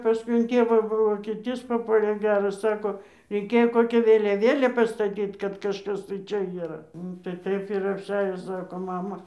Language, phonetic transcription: Lithuanian, paˈskui in ˈtėvą vokėˈtys paˈpuolė ˈgeras ˈsako reiˈkėjo ˈkokia vėliaˈvėlė pastaˈtyt kad kažˈkas tai ˈčia yˈra ˈnu tai ˈtaip ir apˈsiajo ˈsako ˈmama

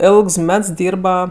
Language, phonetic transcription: Lithuanian, ˈėlgs ˈmets ˈdyrba

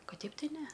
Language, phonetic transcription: Lithuanian, ˈkad ˈteip ˈtai ˈne

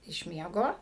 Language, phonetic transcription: Lithuanian, iš ˈmiego

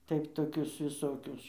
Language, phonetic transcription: Lithuanian, ˈtaip toˈkius viˈsokius

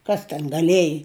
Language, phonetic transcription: Lithuanian, ˈkas ten gaˈlieji

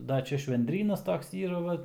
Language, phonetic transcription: Lithuanian, ˈda ˈčia švendˈrynas ˈtoks ˈyra ˈva

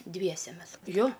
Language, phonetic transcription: Lithuanian, ˈdviese ˈmes ˈjo

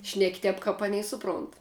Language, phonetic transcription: Lithuanian, šnek' ˈtep kap ˈaˌnei ˈsuˌpront

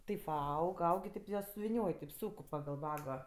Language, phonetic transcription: Lithuanian, ˈtaip va ˈaug ˈaug i ˈtėp jie suviˈnioj teip ˈsūk pagal ˈvago

